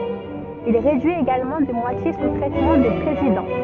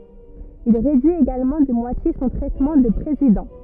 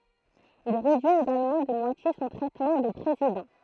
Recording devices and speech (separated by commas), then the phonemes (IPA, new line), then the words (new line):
soft in-ear microphone, rigid in-ear microphone, throat microphone, read sentence
il ʁedyi eɡalmɑ̃ də mwatje sɔ̃ tʁɛtmɑ̃ də pʁezidɑ̃
Il réduit également de moitié son traitement de président.